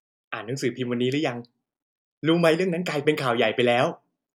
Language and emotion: Thai, happy